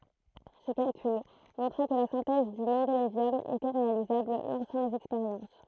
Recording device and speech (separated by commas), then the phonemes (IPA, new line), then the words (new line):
throat microphone, read sentence
sə kalkyl mɔ̃tʁa kə la sɛ̃tɛz dy mɑ̃delevjɔm etɛ ʁealizabl lɑ̃sɑ̃ lez ɛkspeʁjɑ̃s
Ce calcul montra que la synthèse du mendélévium était réalisable, lançant les expériences.